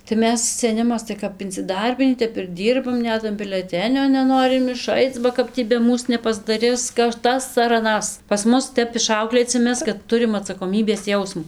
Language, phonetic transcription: Lithuanian, tai ˈmes seˈnimas tai kap inciˈdarbinį ˈtep ir ˈdyrbam ˈnet an bileˈtenio neˈnorim iˈšaic ba ˈkap tį be ˈmūs nepasdaˈris kad ˈtas ar aˈnas pas ˈmus ˈtep iˈšauklėci ˈmes kad ˈturim atsakoˈmybės ˈjausmu

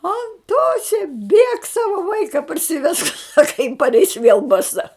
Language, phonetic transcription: Lithuanian, anˈtose bėk ˈsava ˈvaika parsiˈvesk ˈsaka jin parˈeis vėl baˈsa

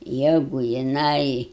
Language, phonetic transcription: Lithuanian, ˈjegu jiˈnai

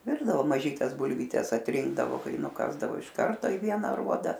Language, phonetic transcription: Lithuanian, ˈvirdavo maˈžytes bulvyˈtes atˈrinkdavo ˈkai nuˈkasdavo iš ˈkarto i ˈviena aˈruoda

